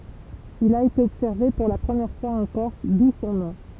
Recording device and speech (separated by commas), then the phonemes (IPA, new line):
temple vibration pickup, read sentence
il a ete ɔbsɛʁve puʁ la pʁəmjɛʁ fwaz ɑ̃ kɔʁs du sɔ̃ nɔ̃